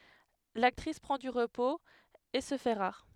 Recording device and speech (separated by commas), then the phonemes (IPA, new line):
headset microphone, read sentence
laktʁis pʁɑ̃ dy ʁəpoz e sə fɛ ʁaʁ